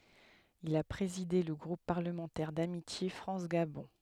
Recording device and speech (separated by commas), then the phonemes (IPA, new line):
headset microphone, read sentence
il a pʁezide lə ɡʁup paʁləmɑ̃tɛʁ damitje fʁɑ̃s ɡabɔ̃